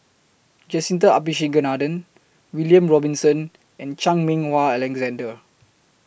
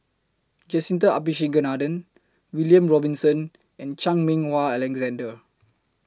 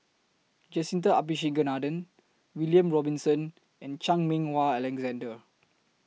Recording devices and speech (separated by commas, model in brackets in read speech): boundary microphone (BM630), close-talking microphone (WH20), mobile phone (iPhone 6), read sentence